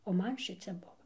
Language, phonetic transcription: Lithuanian, o ˈman ˈšicia ˈbuva

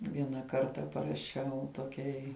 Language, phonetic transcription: Lithuanian, ˈviena ˈkarta paraˈšiau toˈkiai

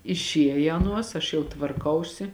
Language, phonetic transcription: Lithuanian, išˈieja ˈaˌnuos aš jau tvarˈkausi

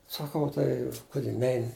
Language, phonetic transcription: Lithuanian, saˈkau ˈtai ˈkudi ˈneini

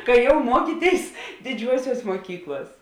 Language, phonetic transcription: Lithuanian, kai jau ˈmuokyˌtėis diˈdžiuosiuos muoˈkykluos

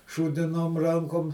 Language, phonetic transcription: Lithuanian, šūdiˈnom ˈrankom

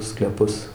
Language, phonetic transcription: Lithuanian, skleˈpus

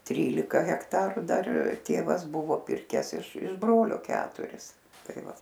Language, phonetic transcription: Lithuanian, ˈtrylika hekˈtaru ˈdar ˈtėvas ˈbuvo ˈpirkes iš iš ˈbrolio ˈketuris ˈtai ˈva

